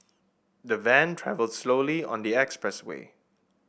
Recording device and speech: boundary microphone (BM630), read sentence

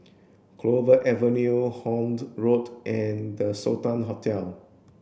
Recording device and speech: boundary microphone (BM630), read sentence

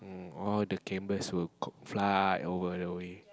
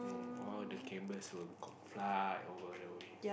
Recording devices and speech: close-talking microphone, boundary microphone, conversation in the same room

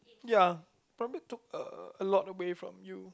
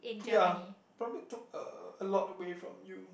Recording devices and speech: close-talking microphone, boundary microphone, conversation in the same room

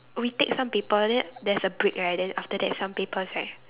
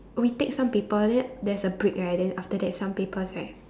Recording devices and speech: telephone, standing microphone, conversation in separate rooms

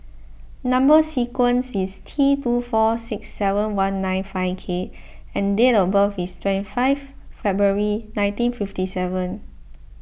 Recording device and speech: boundary microphone (BM630), read sentence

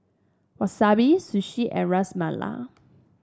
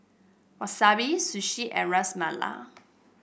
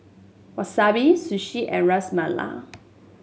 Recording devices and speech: standing microphone (AKG C214), boundary microphone (BM630), mobile phone (Samsung S8), read sentence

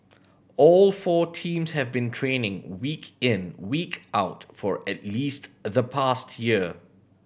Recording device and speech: boundary microphone (BM630), read sentence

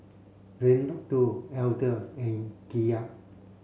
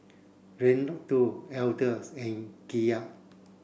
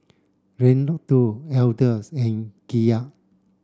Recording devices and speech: mobile phone (Samsung C7), boundary microphone (BM630), standing microphone (AKG C214), read sentence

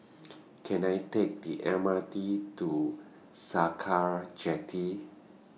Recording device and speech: mobile phone (iPhone 6), read sentence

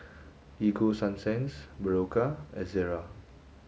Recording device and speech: mobile phone (Samsung S8), read sentence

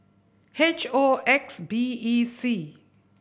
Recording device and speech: boundary microphone (BM630), read sentence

